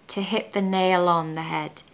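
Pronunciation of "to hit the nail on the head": In 'to hit the nail on the head', the L at the end of 'nail' is pronounced and blends into the next word, 'on'.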